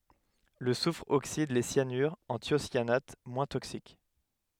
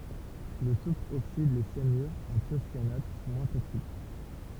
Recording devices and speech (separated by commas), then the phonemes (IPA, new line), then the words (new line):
headset microphone, temple vibration pickup, read sentence
lə sufʁ oksid le sjanyʁz ɑ̃ tjosjanat mwɛ̃ toksik
Le soufre oxyde les cyanures en thiocyanates moins toxiques.